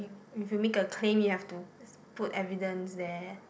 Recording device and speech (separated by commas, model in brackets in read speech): boundary microphone, conversation in the same room